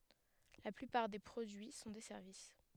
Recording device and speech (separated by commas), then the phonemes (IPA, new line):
headset microphone, read sentence
la plypaʁ de pʁodyi sɔ̃ de sɛʁvis